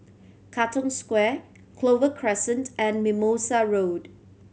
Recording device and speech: mobile phone (Samsung C7100), read sentence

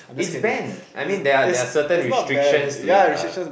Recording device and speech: boundary microphone, conversation in the same room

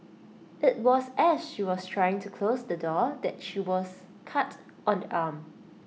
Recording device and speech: mobile phone (iPhone 6), read sentence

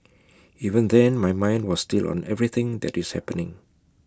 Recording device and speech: close-talking microphone (WH20), read sentence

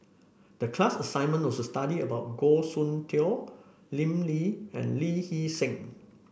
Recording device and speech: boundary microphone (BM630), read sentence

